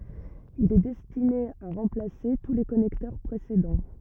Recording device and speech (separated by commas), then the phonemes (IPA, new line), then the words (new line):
rigid in-ear microphone, read sentence
il ɛ dɛstine a ʁɑ̃plase tu le kɔnɛktœʁ pʁesedɑ̃
Il est destiné à remplacer tous les connecteurs précédents.